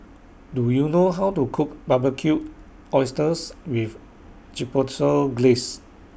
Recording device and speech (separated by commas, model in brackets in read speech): boundary microphone (BM630), read sentence